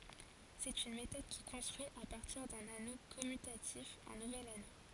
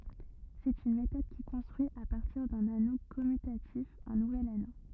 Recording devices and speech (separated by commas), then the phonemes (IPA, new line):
forehead accelerometer, rigid in-ear microphone, read sentence
sɛt yn metɔd ki kɔ̃stʁyi a paʁtiʁ dœ̃n ano kɔmytatif œ̃ nuvɛl ano